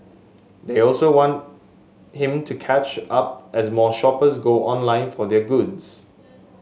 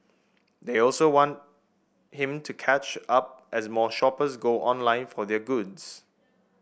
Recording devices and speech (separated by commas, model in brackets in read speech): mobile phone (Samsung S8), boundary microphone (BM630), read sentence